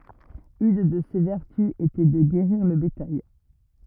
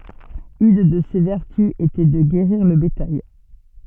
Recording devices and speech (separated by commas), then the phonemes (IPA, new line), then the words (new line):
rigid in-ear microphone, soft in-ear microphone, read sentence
yn də se vɛʁty etɛ də ɡeʁiʁ lə betaj
Une de ses vertus était de guérir le bétail.